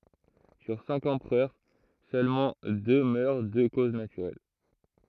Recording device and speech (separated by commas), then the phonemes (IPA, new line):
throat microphone, read sentence
syʁ sɛ̃k ɑ̃pʁœʁ sølmɑ̃ dø mœʁ də koz natyʁɛl